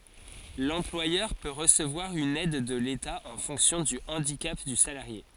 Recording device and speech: forehead accelerometer, read sentence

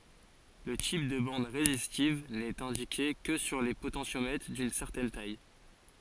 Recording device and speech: forehead accelerometer, read sentence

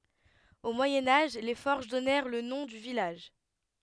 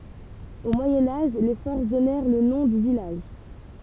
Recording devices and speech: headset microphone, temple vibration pickup, read sentence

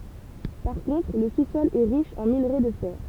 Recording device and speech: temple vibration pickup, read sentence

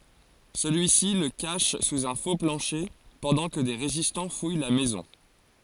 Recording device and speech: forehead accelerometer, read sentence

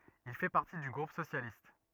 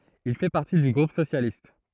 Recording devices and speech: rigid in-ear microphone, throat microphone, read sentence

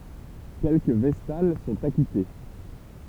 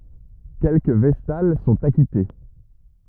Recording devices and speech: temple vibration pickup, rigid in-ear microphone, read sentence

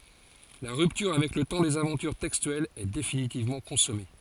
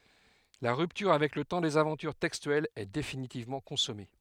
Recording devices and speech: forehead accelerometer, headset microphone, read sentence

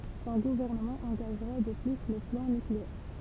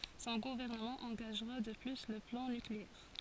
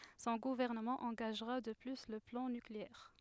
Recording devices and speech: temple vibration pickup, forehead accelerometer, headset microphone, read sentence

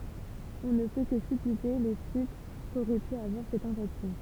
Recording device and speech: temple vibration pickup, read sentence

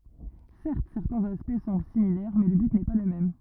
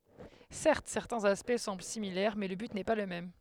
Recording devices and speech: rigid in-ear microphone, headset microphone, read sentence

